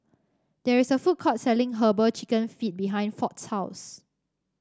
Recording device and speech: standing microphone (AKG C214), read sentence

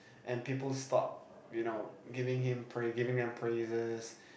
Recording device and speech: boundary microphone, conversation in the same room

